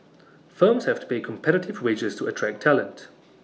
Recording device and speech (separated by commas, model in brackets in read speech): mobile phone (iPhone 6), read sentence